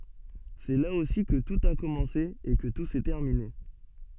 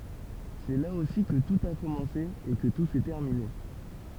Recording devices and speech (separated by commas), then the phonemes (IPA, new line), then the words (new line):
soft in-ear microphone, temple vibration pickup, read sentence
sɛ la osi kə tut a kɔmɑ̃se e kə tu sɛ tɛʁmine
C'est là aussi que tout a commencé et que tout s'est terminé.